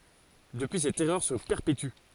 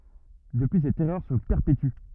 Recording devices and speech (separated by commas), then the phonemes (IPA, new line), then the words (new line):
forehead accelerometer, rigid in-ear microphone, read sentence
dəpyi sɛt ɛʁœʁ sə pɛʁpety
Depuis cette erreur se perpétue.